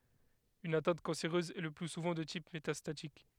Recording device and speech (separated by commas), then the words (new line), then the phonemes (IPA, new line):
headset microphone, read sentence
Une atteinte cancéreuse est le plus souvent de type métastatique.
yn atɛ̃t kɑ̃seʁøz ɛ lə ply suvɑ̃ də tip metastatik